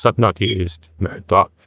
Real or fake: fake